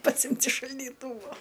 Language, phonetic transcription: Lithuanian, paˈsimt' iš šaldyˈtūvo

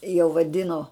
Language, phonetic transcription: Lithuanian, jau vaˈdino

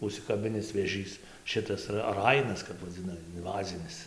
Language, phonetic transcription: Lithuanian, užsikaˈbinis vėˈžys ˈšitas ra ˈrainas kap vaˈdzina inˈvazinis

